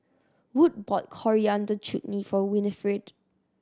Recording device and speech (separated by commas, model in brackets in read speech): standing microphone (AKG C214), read sentence